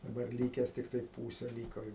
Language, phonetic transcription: Lithuanian, daˈbar ˈlykes tikˈtai ˈpūse ˈlyko jau

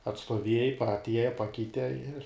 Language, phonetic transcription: Lithuanian, atstuoˈviejai pa atˈieja ˈpakeite ir

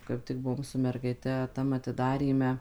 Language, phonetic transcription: Lithuanian, kaip ˈtik ˈbuvom su mergaiˈte ˈtam atiˈdaryme

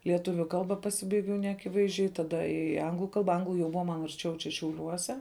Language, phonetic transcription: Lithuanian, lieˈtuviu ˈkalba paˈsibaigiau neaˈkivaizˌdžiai taˈda i ˈanglu ˈkalba ˈanglu jau ˈbuva man arˈčiau čia šiauˈliuose

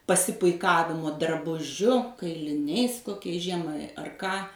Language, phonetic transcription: Lithuanian, pasipuiˈkavimo drabuˈžiu kailiˈniais koˈkiais ˈžiemai ar ˈką

